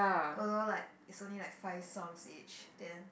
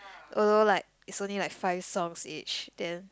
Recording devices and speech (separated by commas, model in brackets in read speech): boundary microphone, close-talking microphone, conversation in the same room